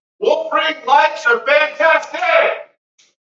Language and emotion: English, neutral